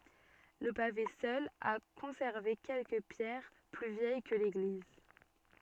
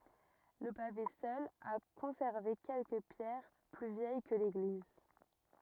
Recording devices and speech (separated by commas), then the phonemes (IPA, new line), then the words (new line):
soft in-ear microphone, rigid in-ear microphone, read sentence
lə pave sœl a kɔ̃sɛʁve kɛlkə pjɛʁ ply vjɛj kə leɡliz
Le pavé seul a conservé quelques pierres plus vieilles que l'église.